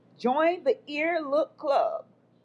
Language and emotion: English, neutral